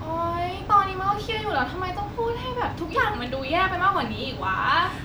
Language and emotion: Thai, frustrated